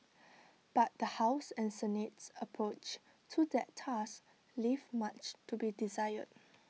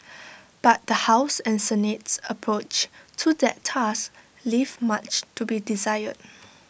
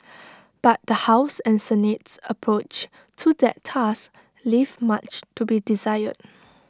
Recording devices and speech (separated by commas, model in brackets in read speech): mobile phone (iPhone 6), boundary microphone (BM630), standing microphone (AKG C214), read sentence